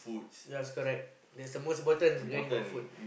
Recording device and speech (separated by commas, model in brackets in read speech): boundary microphone, conversation in the same room